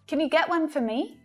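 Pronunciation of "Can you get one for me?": In 'Can you get one for me?', 'for' is unstressed, and its vowel reduces to a schwa, so it sounds like 'f-uh'.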